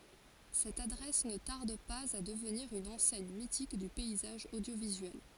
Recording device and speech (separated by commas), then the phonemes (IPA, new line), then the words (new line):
forehead accelerometer, read sentence
sɛt adʁɛs nə taʁd paz a dəvniʁ yn ɑ̃sɛɲ mitik dy pɛizaʒ odjovizyɛl
Cette adresse ne tarde pas à devenir une enseigne mythique du paysage audiovisuel.